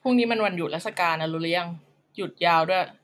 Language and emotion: Thai, frustrated